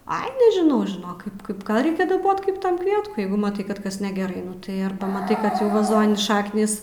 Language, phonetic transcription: Lithuanian, ai nežiˈnau žiˈnok ˈkaip ˈkaip ˈgal ˈreikia daˈbot ˈkaip ˈtam ˈkvietkui ˈjeigu maˈtai ˈkad ˈkas negeˈrai ˈnu tai ˈarba maˈtai ˈkad jau vaˈzoni ˈšaknys

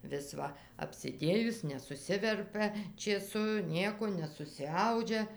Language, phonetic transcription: Lithuanian, vis ˈva apsiˈdėjus nesuˈsiverpia čėˈsu ˈnieko nesusiˈaudžia

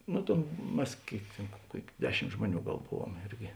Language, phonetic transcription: Lithuanian, ˈnu tėn ˈmes ˈkėik tėn ˈkuok' ˈdeˌšimt ˈžmuoˌnių ˈgal ˈbuvuom ˈirgi

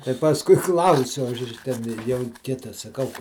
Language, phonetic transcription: Lithuanian, tai pasˈkui ˈklausiu ˈaš ˈten ˈjau ˈkita saˈkau

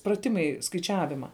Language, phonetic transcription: Lithuanian, praˈtimai skaiˈčiavima

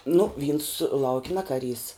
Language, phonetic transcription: Lithuanian, nu ˈvyns ˈlauk' ˈne kaˈrys

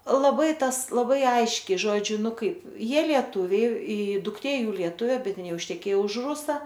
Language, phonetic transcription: Lithuanian, laˈbai ˈtas laˈbai ˈaiškiai ˈžodžiu ˈnu ˈkaip ˈjie lieˈtuviai i dukˈtė ˈjų lieˈtuvė ˈbet ˈin ˈjau išteˈkėjo už ˈrusa

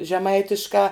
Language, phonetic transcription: Lithuanian, žeˈmaitiškā

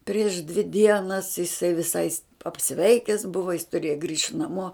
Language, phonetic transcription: Lithuanian, prieš dvi ˈdienas jiˈsai viˈsai apˈsveikes ˈbuva jis tuˈrieja grįšt naˈmuo

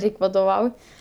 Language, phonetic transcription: Lithuanian, ˈreik' vadoˈvau

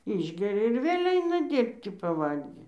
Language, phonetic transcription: Lithuanian, ˈišgeria ir ˈvėl' ˈaina ˈdyrbti paˈvalgį

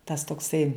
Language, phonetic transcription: Lithuanian, tas tokˈsai

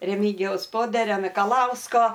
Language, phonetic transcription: Lithuanian, reˈmigijaus ˈpoderio mikaˈlausko

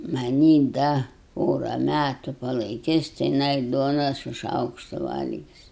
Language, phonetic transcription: Lithuanian, maˈnį ˈda ˈpora ˈmætu palaiˈkis ti jiˈnai ˈduona su ˈšaukštu ˈvalgis

